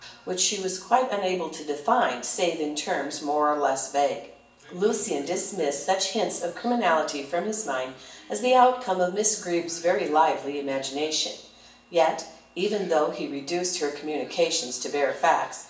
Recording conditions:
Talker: one person; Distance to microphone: 1.8 m; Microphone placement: close; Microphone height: 1.0 m; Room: large; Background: television

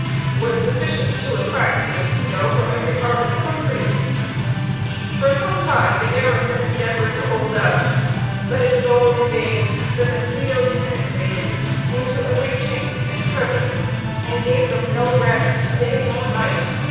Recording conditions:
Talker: one person; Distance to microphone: 7.1 m; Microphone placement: far; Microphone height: 1.7 m; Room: very reverberant, large; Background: music

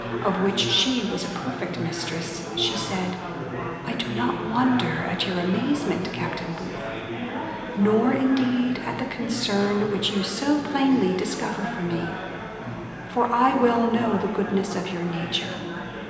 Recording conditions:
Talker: one person; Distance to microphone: 1.7 m; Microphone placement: close; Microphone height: 1.0 m; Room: very reverberant, large; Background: babble

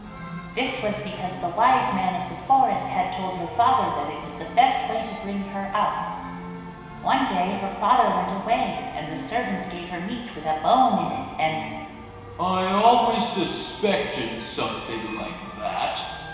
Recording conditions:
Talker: one person; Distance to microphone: 1.7 m; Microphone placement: close; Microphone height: 1.0 m; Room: very reverberant, large; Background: music

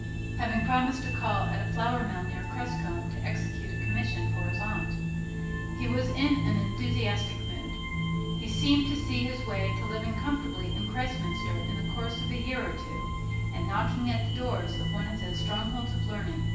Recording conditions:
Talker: one person; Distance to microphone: 9.8 m; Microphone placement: far; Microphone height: 1.8 m; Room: large; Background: music

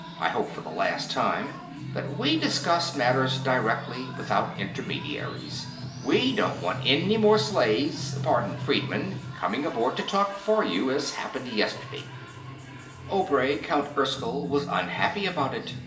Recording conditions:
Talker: one person; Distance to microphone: 1.8 m; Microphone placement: close; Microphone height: 1.0 m; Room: large; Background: music

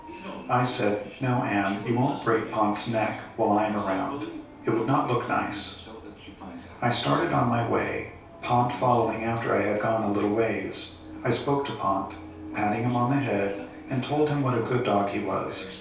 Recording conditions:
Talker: one person; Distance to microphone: 3.0 m; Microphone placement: far; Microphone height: 1.8 m; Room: small (3.7 m by 2.7 m); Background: television

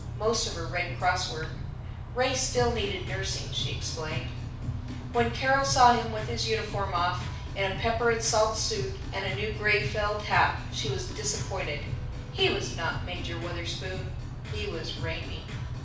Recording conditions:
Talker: one person; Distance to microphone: 5.8 m; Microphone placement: far; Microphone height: 1.8 m; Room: medium-sized (5.7 m by 4.0 m); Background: music

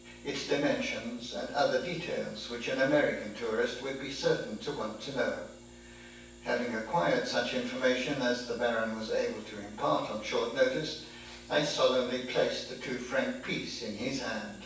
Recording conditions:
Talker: one person; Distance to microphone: 9.8 m; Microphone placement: far; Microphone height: 1.8 m; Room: large; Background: none

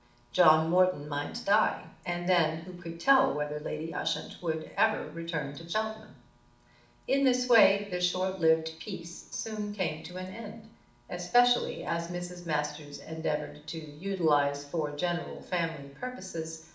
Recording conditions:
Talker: one person; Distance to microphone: 2.0 m; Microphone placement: close; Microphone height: 99 cm; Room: medium-sized (5.7 m by 4.0 m); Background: none

